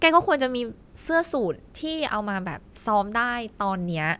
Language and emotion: Thai, frustrated